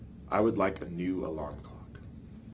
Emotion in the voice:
neutral